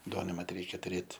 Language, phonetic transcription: Lithuanian, ˈduonai mat ˈreikia tuˈrėt

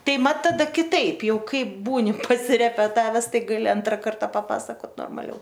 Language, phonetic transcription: Lithuanian, ˈtai ˈmat taˈda kiˈtaip ˈjau ˈkaip ˈbūni pasirepeˈtaves ˈtai gaˈli ˈantra ˈkarta paˈpasakot normaˈliau

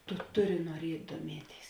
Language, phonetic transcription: Lithuanian, tu ˈtuˌri nuoˈriet' duoˈmieˌtėis

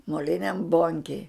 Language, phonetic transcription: Lithuanian, moˈliniam ˈbonkėj

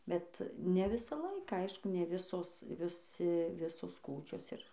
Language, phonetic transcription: Lithuanian, bet ne ˈvisą ˈlaiką ˈ aišku ne ˈvisos viˈsi ˈvisos ˈkūčios ir

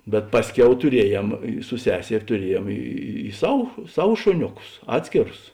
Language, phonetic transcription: Lithuanian, bet ˈpasˌkiau tuˈriejem i su ˈseser' tuˈriejėm ˈy ˈsav ˈsav ˈšoniuˌkus ˈatskėrus

